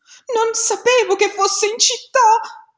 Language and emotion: Italian, fearful